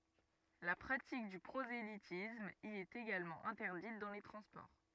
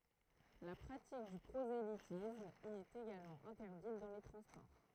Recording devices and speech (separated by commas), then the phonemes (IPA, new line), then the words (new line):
rigid in-ear microphone, throat microphone, read sentence
la pʁatik dy pʁozelitism i ɛt eɡalmɑ̃ ɛ̃tɛʁdit dɑ̃ le tʁɑ̃spɔʁ
La pratique du prosélytisme y est également interdite dans les transports.